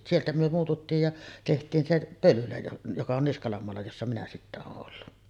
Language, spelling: Finnish, sieltä me muututtiin ja tehtiin se Pölylä joka on Niskalan maalla jossa minä sitten olen ollut
- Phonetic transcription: 'sieltä myö muututtiij ja tehtiin 'se "Pölylä joka on 'Niskalam moalla jossa 'minä sittä oo’ ’ollu .

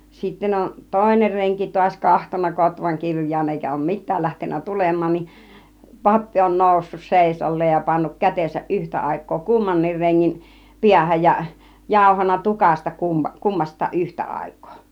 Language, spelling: Finnish, sitten on toinen renki taas katsonut kotvan kirjaan eikä ole mitään lähtenyt tulemaan niin pappi on noussut seisaalleen ja pannut kätensä yhtä aikaa kummankin rengin päähän ja jauhanut tukasta - kummastakin yhtä aikaa
- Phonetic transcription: sitten o , "tòiner 'reŋki tuaś 'kahtonna kotvaŋ 'kirj̆jaan ‿èikä òum "mit̆tääl lähtennä "tulem̆maan ni , 'pappi on "nòussus "sèisol̀leej ja pannuk 'kätesäˀ "ˀyhtä ˀàik̆koo "kumman-nir 'reŋŋin , "piähäj ja , 'jàuhanna "tukasta 'kum- , 'kummast̆taaˀ "ˀyhtä ˀàik̆koo .

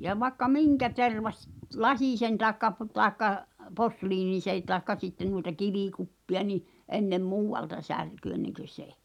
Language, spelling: Finnish, ja vaikka minkä tervasi lasisen tai - tai posliiniseen tai sitten noita kivikuppeja niin ennen muualta särkyi ennen kuin se
- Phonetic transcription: ja vaĕkka "miŋkä tervaś , "laśìsen tàekka p- , taekka , "posliiniseḛ tàekka sitten nuita 'kivikuppi₍a ni , '’ennem "muuw̆walta 'särky enneŋkö "se .

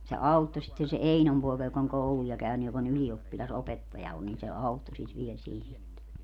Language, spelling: Finnish, se auttoi sitten se Einon poika joka on kouluja käynyt joka on ylioppilas opettaja on niin se auttoi sitä vielä siinä sitten
- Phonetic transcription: se "autto sitten se "Einom 'poeka jok ‿oŋ 'kouluja 'käynny jok ‿on "yli₍oppiĺas 'opettaja on nin se "autto sit viel (siin sitte) .

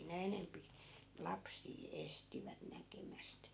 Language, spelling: Finnish, ne enempi lapsia estivät näkemästä
- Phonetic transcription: ne 'enempi , 'lapsii "estivät 'näkemäst .

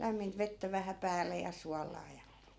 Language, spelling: Finnish, lämmintä vettä vähän päälle ja suolaa ja
- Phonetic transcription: 'lämmint 'vettä vähä 'pääle ja 'sualaa ja .

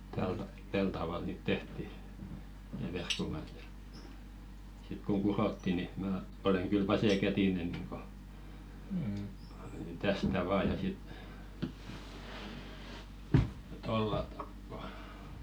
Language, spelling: Finnish, tällä - tällä tavalla niitä tehtiin ne verkon kannat sitten kun kudottiin niin minä olen kyllä vasenkätinen niin kuin tästä vain ja sitten tuolla tapaa
- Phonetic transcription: "täl ta- 'täl tavàl niit "tehti , nè 'verkkoŋ kan(nᴀt) , sit koŋ 'kurotti ni , mä̀ , oleŋ kyl "vasè'kätinen niŋko , 'tästä vaa ja 'sit , "tolla tappa .

